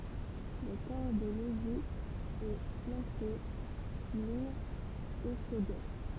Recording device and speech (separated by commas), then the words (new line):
temple vibration pickup, read sentence
Le corps de logis est flanqué d'une échauguette.